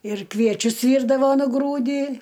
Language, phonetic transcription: Lithuanian, ir ˈkviečius ˈvyrdavo nuˈgrūdį

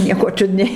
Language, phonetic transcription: Lithuanian, ˈnieko ˈčiudniai

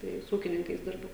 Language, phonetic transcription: Lithuanian, ˈtai su ˈūkininkais ˈdirbu

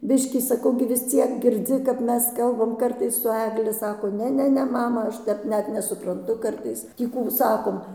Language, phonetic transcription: Lithuanian, ˈbiškį saˈkau gi vis ˈciek girˈdzi kap ˈmes ˈkalbam ˈkartais su ˈegli ˈsako ˈne ˈne ˈne ˈmama ˈaš ˈtep ˈnet nesupranˈtu ˈkartais ˈtį kų ˈsakom

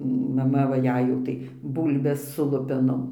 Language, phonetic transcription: Lithuanian, maˈma va ˈjei jau ˈtai ˈbūlbes su ˈlupenom

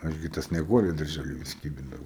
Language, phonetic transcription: Lithuanian, ˈaš gi ta snieˈguole darˈžæli vis ˈkybindavau

